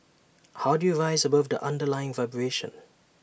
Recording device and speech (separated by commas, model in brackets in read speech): boundary microphone (BM630), read sentence